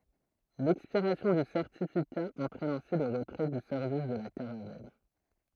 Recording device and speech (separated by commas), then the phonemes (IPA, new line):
throat microphone, read sentence
lɛkspiʁasjɔ̃ dy sɛʁtifika ɑ̃tʁɛn ɛ̃si lə ʁətʁɛ dy sɛʁvis də la kaʁavɛl